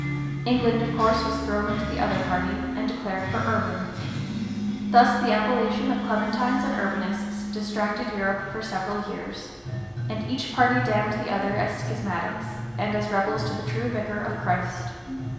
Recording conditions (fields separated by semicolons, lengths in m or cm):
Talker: one person; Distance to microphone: 1.7 m; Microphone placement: close; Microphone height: 1.0 m; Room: very reverberant, large; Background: music